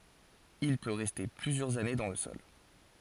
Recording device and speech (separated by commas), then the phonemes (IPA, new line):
forehead accelerometer, read sentence
il pø ʁɛste plyzjœʁz ane dɑ̃ lə sɔl